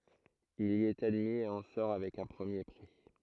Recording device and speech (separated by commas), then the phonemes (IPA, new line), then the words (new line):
throat microphone, read sentence
il i ɛt admi e ɑ̃ sɔʁ avɛk œ̃ pʁəmje pʁi
Il y est admis et en sort avec un premier prix.